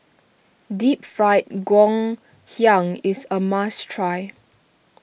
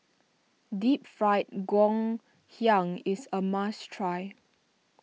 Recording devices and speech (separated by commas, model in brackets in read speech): boundary microphone (BM630), mobile phone (iPhone 6), read sentence